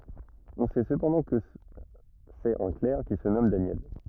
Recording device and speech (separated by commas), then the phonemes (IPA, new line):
rigid in-ear microphone, read sentence
ɔ̃ sɛ səpɑ̃dɑ̃ kə sɛt œ̃ klɛʁ ki sə nɔm danjɛl